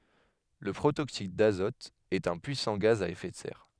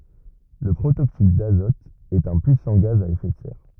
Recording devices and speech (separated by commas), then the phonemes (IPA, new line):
headset microphone, rigid in-ear microphone, read sentence
lə pʁotoksid dazɔt ɛt œ̃ pyisɑ̃ ɡaz a efɛ də sɛʁ